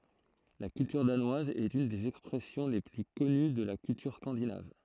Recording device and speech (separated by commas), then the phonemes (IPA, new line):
throat microphone, read sentence
la kyltyʁ danwaz ɛt yn dez ɛkspʁɛsjɔ̃ le ply kɔny də la kyltyʁ skɑ̃dinav